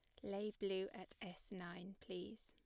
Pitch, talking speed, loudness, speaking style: 190 Hz, 165 wpm, -49 LUFS, plain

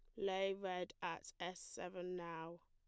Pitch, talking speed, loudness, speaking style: 180 Hz, 145 wpm, -45 LUFS, plain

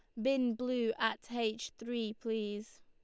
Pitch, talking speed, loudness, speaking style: 230 Hz, 140 wpm, -36 LUFS, Lombard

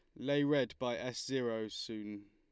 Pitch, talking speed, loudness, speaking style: 120 Hz, 170 wpm, -37 LUFS, Lombard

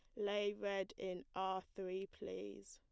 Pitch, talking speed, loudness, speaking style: 190 Hz, 145 wpm, -44 LUFS, plain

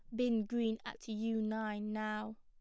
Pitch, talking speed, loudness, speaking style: 220 Hz, 165 wpm, -38 LUFS, plain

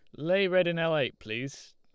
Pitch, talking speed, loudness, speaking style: 160 Hz, 235 wpm, -28 LUFS, Lombard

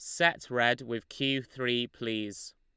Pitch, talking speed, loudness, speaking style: 120 Hz, 155 wpm, -30 LUFS, Lombard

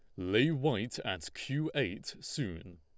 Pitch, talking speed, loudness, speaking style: 140 Hz, 140 wpm, -34 LUFS, Lombard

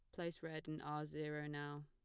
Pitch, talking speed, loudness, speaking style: 150 Hz, 220 wpm, -47 LUFS, plain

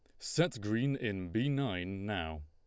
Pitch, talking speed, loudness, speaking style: 105 Hz, 160 wpm, -35 LUFS, Lombard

